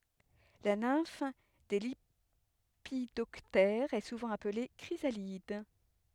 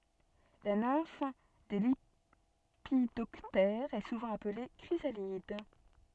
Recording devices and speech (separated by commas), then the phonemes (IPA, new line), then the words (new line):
headset microphone, soft in-ear microphone, read sentence
la nɛ̃f de lepidɔptɛʁz ɛ suvɑ̃ aple kʁizalid
La nymphe des lépidoptères est souvent appelée chrysalide.